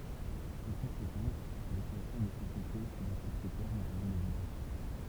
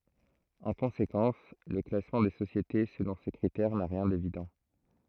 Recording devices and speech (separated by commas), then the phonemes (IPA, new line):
temple vibration pickup, throat microphone, read sentence
ɑ̃ kɔ̃sekɑ̃s lə klasmɑ̃ de sosjete səlɔ̃ se kʁitɛʁ na ʁjɛ̃ devidɑ̃